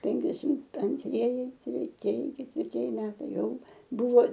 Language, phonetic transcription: Lithuanian, ˈpenkiasim antˈrieji treˈtieji ketvirˈtieji ˈmetai ˈjau ˈbuvo

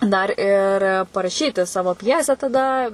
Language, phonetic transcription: Lithuanian, ˈdar ir paraˈšyti ˈsavo ˈpjesę taˈda

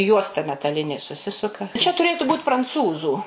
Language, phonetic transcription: Lithuanian, ˈjuosta metaˈlinė suˈsisuka čia tuˈrėtu ˈbūt pranˈcūzų

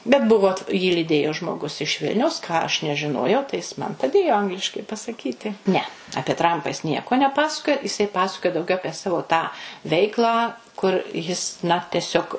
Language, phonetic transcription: Lithuanian, bet ˈbuvo jį lyˈdėjo žmoˈgus iš ˈvilniaus ką aš nežiˈnojau tai ˈjis ˈman paˈdėjo ˈangliškai pasaˈkyti ne apie ˈtrampa jis ˈnieko neˈpasakoja jiˈsai ˈpasakojo dauˈgiau ˈapie ˈsavo tą ˈveiklą kur ˈjis na teˈsiog

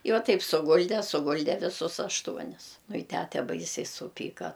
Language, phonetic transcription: Lithuanian, i ˈva ˈtaip suˈgulde suˈgulde viˈsus ašˈtuonis nu i ˈtæte ˈbaisiai suˈpyka

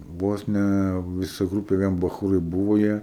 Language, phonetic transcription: Lithuanian, ˈvos ne viˈsa ˈgrūpė ˈvien baˈchūrai ˈbūvo ˈjie

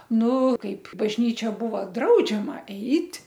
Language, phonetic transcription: Lithuanian, ˈnu ˈkaip bažˈnyčia ˈbūva ˈdraudžiama ˈeit'

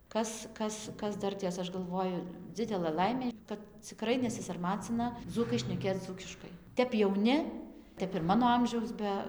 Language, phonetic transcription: Lithuanian, ˈkas ˈkas ˈkas ˈdartės ˈaš galˈvoju ˈdzidelɘ ˈlaimė kad ciˈkrai nesisarˈmacina ˈdzūkai šneˈkėc ˈdzūkiškai ˈtep jauˈni ˈtep ir ˈmano ˈamžiaus ˈbe

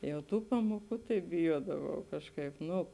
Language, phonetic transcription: Lithuanian, jau ˈtų ˈpamoˌkų tai biˈjuodavau ˈkažˌkaip ˈnu

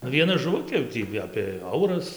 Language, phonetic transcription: Lithuanian, nu vieˈna žuˈvukė jau ˈtį apė ˈauras

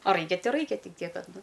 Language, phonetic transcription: Lithuanian, a ˈraikia ˈtai ˈraikia ˈtik ˈtiek ˈkad ˈnu

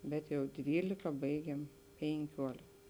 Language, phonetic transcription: Lithuanian, ˈbet jau ˈdvylika ˈbaigėm pėnˈkiuolik

